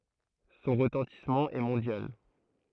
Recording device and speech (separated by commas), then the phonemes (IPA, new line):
throat microphone, read sentence
sɔ̃ ʁətɑ̃tismɑ̃ ɛ mɔ̃djal